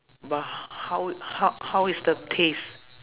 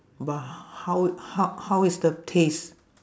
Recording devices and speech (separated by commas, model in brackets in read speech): telephone, standing microphone, conversation in separate rooms